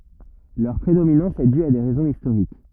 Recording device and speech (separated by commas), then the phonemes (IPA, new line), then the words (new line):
rigid in-ear microphone, read sentence
lœʁ pʁedominɑ̃s ɛ dy a de ʁɛzɔ̃z istoʁik
Leur prédominance est due à des raisons historiques.